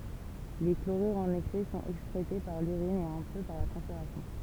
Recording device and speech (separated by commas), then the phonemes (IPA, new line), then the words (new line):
temple vibration pickup, read sentence
le kloʁyʁz ɑ̃n ɛksɛ sɔ̃t ɛkskʁete paʁ lyʁin e œ̃ pø paʁ la tʁɑ̃spiʁasjɔ̃
Les chlorures en excès sont excrétés par l'urine et un peu par la transpiration.